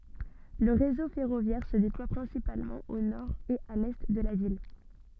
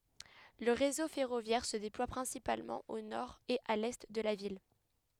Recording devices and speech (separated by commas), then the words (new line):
soft in-ear microphone, headset microphone, read sentence
Le réseau ferroviaire se déploie principalement au nord et à l'est de la ville.